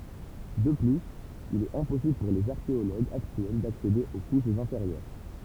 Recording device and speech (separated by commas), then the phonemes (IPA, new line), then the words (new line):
temple vibration pickup, read sentence
də plyz il ɛt ɛ̃pɔsibl puʁ lez aʁkeoloɡz aktyɛl daksede o kuʃz ɛ̃feʁjœʁ
De plus, il est impossible pour les archéologues actuels d'accéder aux couches inférieures.